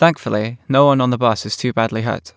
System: none